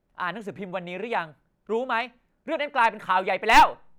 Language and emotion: Thai, angry